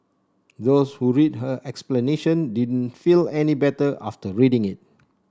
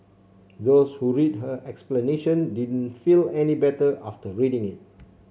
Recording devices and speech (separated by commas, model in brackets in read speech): standing microphone (AKG C214), mobile phone (Samsung C7), read sentence